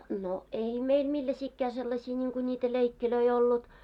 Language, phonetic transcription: Finnish, no ''ei "meil 'milläsiikkää seilaśii ńiiŋku ńiitä 'leikkilöi 'ollut .
- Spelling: no ei meillä millaisiakaan sellaisia niin kuin niitä leikkejä ollut

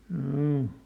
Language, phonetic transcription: Finnish, hjoo .
- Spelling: joo

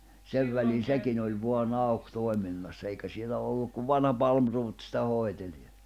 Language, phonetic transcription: Finnish, 'sev välin̬ "sekin ‿oĺ voa'n ‿auk 'tòi̬minnassa eikä 'sielä olluk kuv "vanha 'Palmruut sⁱtä 'hoi̬teĺ ja ,.
- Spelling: sen välin sekin oli vain auki toiminnassa eikä siellä ollut kuin vanha Palmroth sitä hoiteli ja

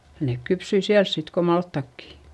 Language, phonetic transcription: Finnish, nèk kypsyi siäls sit ko malttakki .
- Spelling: ne kypsyi siellä sitten kuin maltaatkin

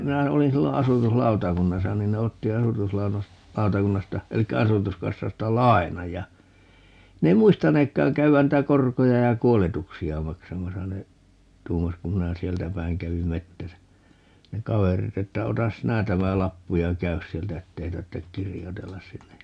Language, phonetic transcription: Finnish, 'minä , 'olin 'sillo "asutuslautakunnasa 'nin ne 'otti 'asutuslau(nos-) , -'lautakunnasta , 'elikkä 'asutuskassasta "lai̮naj ja , 'ne ei "muistaneekkaaŋ 'käy₍än 'niⁱtä "korkoja ja "kuoletuksi₍a 'maksamasa - ne , 'tuumas kum 'minä "sieltä 'päiŋ 'kävim "mettäsä , 'ne "kaverit ‿että » 'otas "sinä 'tämä "lappu ja "käys 'sieltä 'ettei 'tarttek "kirjotellas 'sinnej » ja , .
- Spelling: minä olin silloin asutuslautakunnassa niin ne otti - asutuslautakunnasta eli asutuskassasta lainan ja ne ei muistaneetkaan käydä niitä korkoja ja kuoletuksia maksamassa ne tuumasi kun minä sieltä päin kävin metsässä ne kaverit että ota sinä tämä lappu ja käy sieltä että ei tarvitse kirjoitella sinne ja

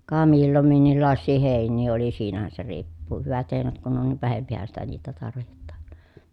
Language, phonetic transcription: Finnish, ka millom minnillàessii hèin̆nii oli siinähän se riippuu , hyvät hèinät kun on niv vähempihän sitä niitä tarvihettAAN .
- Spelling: ka milloin minkinlaisia heiniä oli siinähän se riippuu hyvät heinät kun on niin vähempihän sitä niitä tarvitaan

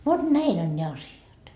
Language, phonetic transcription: Finnish, vot 'näin ‿on ne 'asjat .
- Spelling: vot näin on ne asiat

